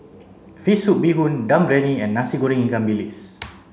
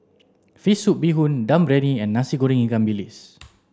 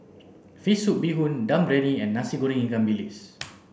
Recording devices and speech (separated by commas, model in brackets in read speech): mobile phone (Samsung C7), standing microphone (AKG C214), boundary microphone (BM630), read sentence